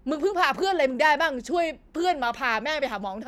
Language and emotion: Thai, angry